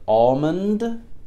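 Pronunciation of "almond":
'Almond' is said with no d sound at the end; the final d is not pronounced at all.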